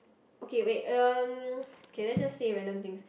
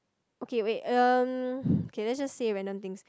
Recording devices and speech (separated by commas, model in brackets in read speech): boundary microphone, close-talking microphone, conversation in the same room